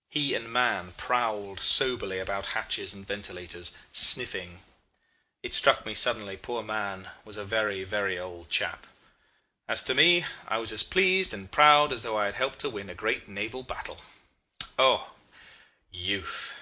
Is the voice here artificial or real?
real